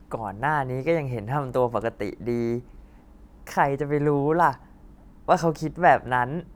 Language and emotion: Thai, happy